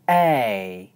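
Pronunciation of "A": This is the diphthong A, the vowel sound of the second syllable of 'blockchain'.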